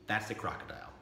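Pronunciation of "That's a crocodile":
'That's a crocodile' is said with the intonation of a declaration.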